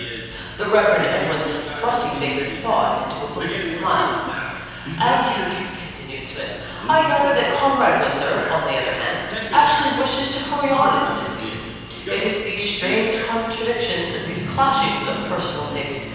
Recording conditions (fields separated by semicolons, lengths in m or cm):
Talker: one person; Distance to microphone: 7.1 m; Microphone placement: far; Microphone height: 1.7 m; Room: very reverberant, large; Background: television